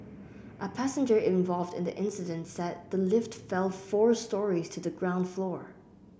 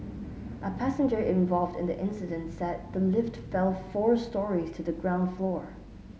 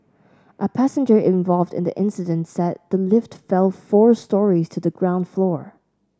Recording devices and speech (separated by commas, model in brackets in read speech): boundary microphone (BM630), mobile phone (Samsung S8), standing microphone (AKG C214), read sentence